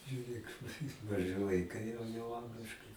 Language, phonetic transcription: Lithuanian, žiuˈrėk maˈžɨ vaiˈkai jau jau ˈangliškai

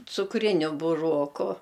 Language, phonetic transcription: Lithuanian, cukˈriniu buˈroku

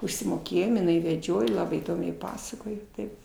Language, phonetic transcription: Lithuanian, užsimoˈkėjom iˈnai veˈdžioj ˈlabai įˈdomiai ˈpasakoj ˈtaip

